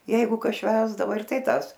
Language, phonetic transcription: Lithuanian, ˈjeigu ˈkas ˈšvęsdavo ir ˈtai ˈtąs

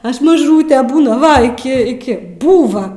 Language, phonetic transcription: Lithuanian, ˈaš maˈžūtė ˈbūna ˈva iˈki iˈki ˈbūva

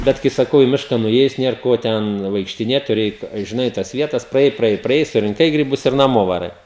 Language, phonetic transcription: Lithuanian, ˈbet kai saˈkau i ˈmiška nuˈėjus ˈnier ˈko ten vaikštiˈnėt tuˈri ˈeit žiˈnai tas ˈvietas praˈjai praˈjai praˈjai surinˈkai griˈbus ir naˈmo vaˈrai

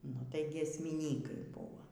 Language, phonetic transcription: Lithuanian, nu tai giesmiˈnykai ˈbūvo

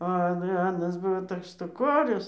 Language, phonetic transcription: Lithuanian, a ˈan ˈanas ˈbuvo ˈtoks štuˈkorius

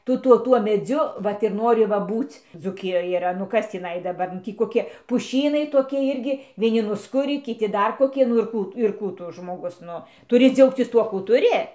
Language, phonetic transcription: Lithuanian, ˈtu ˈtuo ˈtuo meˈdziu ˈvat ir ˈnori ˈva ˈbūc dzūˈkijoj yˈra nu ˈkas tįˈnai daˈbar nu ˈtį koˈki puˈšynai toˈki ˈirgi vieˈni nusˈkurį kiˈti ˈdar koˈki nu ir ˈkų tu nu ir ˈkų tu žmoˈgus ˈnu tuˈri ˈdziaugcis ˈtuo kų tuˈri

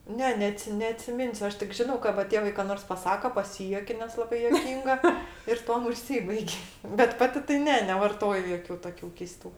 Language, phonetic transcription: Lithuanian, ˈne neˈatsi neatsiˈminsiu ˈaš tik ˈžinau ka va ˈtėvai ka ˈnors paˈsaka paˈsyjuokia nes laˈbai juoˈkynga ir ˈtuom užˈsybaig' bet ˈpati tai ˈne nevarˈtoju ˈjokiu ˈtokiu keiˈstų

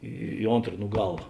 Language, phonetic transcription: Lithuanian, į ˈontr nu ˈgala

